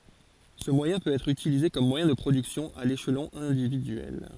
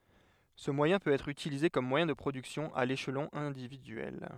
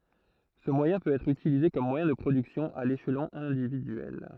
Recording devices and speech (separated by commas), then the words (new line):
forehead accelerometer, headset microphone, throat microphone, read sentence
Ce moyen peut être utilisé comme moyen de production à l'échelon individuel.